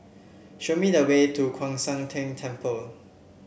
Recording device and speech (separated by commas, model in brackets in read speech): boundary microphone (BM630), read sentence